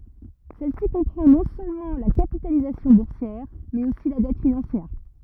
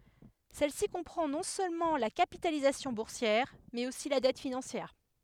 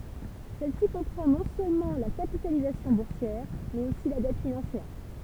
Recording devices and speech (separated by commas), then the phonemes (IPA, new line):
rigid in-ear microphone, headset microphone, temple vibration pickup, read sentence
sɛl si kɔ̃pʁɑ̃ nɔ̃ sølmɑ̃ la kapitalizasjɔ̃ buʁsjɛʁ mɛz osi la dɛt finɑ̃sjɛʁ